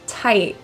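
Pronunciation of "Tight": In 'tight', the t at the end is stopped in the throat as a glottal T.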